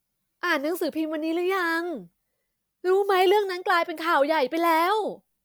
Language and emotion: Thai, frustrated